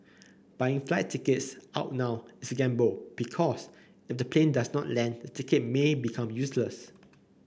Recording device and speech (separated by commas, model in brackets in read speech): boundary microphone (BM630), read sentence